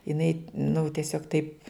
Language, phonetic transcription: Lithuanian, jiˈnai nu tieˈsiog taip

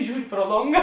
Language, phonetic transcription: Lithuanian, ˈžiūri pro ˈlonga

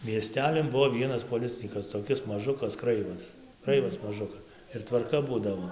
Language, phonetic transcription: Lithuanian, mieˈstelin ˈbuvo ˈvienas poˈlicinykas toˈkis maˈžukas ˈkraivas ˈkraivas maˈžukas ir tvarˈka ˈbūdavo

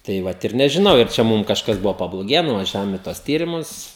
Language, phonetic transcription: Lithuanian, tai ˈvat ir nežiˈnau ir ˈčia ˈmūm kažˈkas ˈbuvo pabloˈgėje nuvaˈžiavom i tuos ˈtyrimus

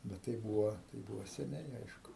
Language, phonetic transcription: Lithuanian, bet ˈtai ˈbūvo tai ˈbūvo seˈniai ˈaišku

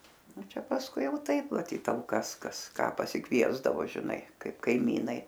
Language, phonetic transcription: Lithuanian, ˈnu ˈčia pasˈkui ˈjau ˈtaip maˈtyt talˈkas ˈkas ˈką pasiˈkviesdavo žiˈnai ˈkaip kaiˈmynai

